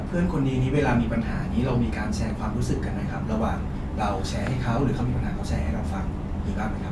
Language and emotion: Thai, neutral